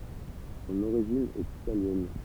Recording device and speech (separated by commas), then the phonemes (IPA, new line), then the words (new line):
temple vibration pickup, read sentence
sɔ̃n oʁiʒin ɛt italjɛn
Son origine est italienne.